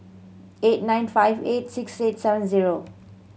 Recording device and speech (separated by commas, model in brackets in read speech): mobile phone (Samsung C7100), read sentence